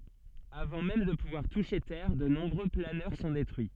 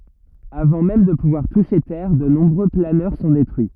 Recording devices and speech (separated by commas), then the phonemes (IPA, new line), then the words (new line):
soft in-ear microphone, rigid in-ear microphone, read sentence
avɑ̃ mɛm də puvwaʁ tuʃe tɛʁ də nɔ̃bʁø planœʁ sɔ̃ detʁyi
Avant même de pouvoir toucher terre, de nombreux planeurs sont détruits.